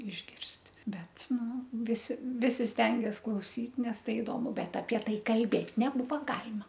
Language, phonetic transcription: Lithuanian, išˈgirst' ˈbet ˈnu ˈvisi ˈvisi ˈstengias klauˈsyt ˈnes ˈtai iˈdomu ˈbet apie ˈtai kalˈbėt' neˈbūva ˈgalima

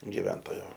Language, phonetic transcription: Lithuanian, giˈventojo

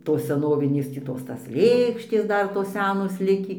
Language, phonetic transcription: Lithuanian, ˈtos seˈnovinės tį ˈtos ˈtas ˈlėkštės ˈdar tos ˈsenos ˈlikį

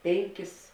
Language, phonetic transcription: Lithuanian, ˈpenˌkis

